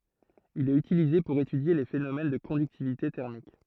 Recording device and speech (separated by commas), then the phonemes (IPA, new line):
throat microphone, read sentence
il ɛt ytilize puʁ etydje le fenomɛn də kɔ̃dyktivite tɛʁmik